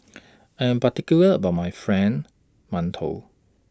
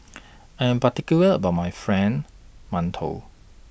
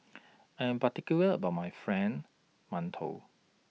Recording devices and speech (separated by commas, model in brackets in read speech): standing microphone (AKG C214), boundary microphone (BM630), mobile phone (iPhone 6), read sentence